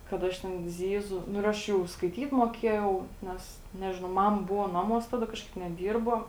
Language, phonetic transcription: Lithuanian, kad ˈaš ten ˈzyˌzu ˈnu ir ˈaš jau skaiˈtyt moˈkiejau ˈnes ˈnežinau ˈmama ˈbuvo ˈnaˌmuos ˈtaˌda ˈkažˌkaip neˈdyrbo

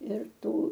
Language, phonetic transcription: Lithuanian, ir ˈtų

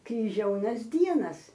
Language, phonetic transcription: Lithuanian, kriˈžiaunas ˈdienas

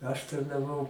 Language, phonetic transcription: Lithuanian, aš tarnaˈvau

